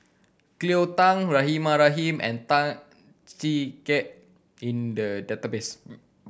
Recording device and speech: boundary microphone (BM630), read sentence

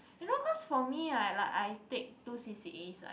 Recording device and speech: boundary microphone, conversation in the same room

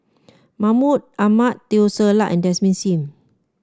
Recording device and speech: standing microphone (AKG C214), read sentence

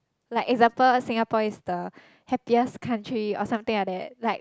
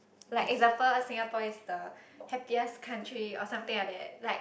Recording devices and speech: close-talking microphone, boundary microphone, conversation in the same room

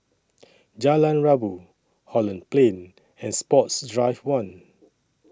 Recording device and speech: standing microphone (AKG C214), read sentence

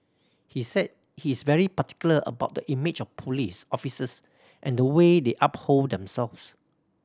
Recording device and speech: standing microphone (AKG C214), read sentence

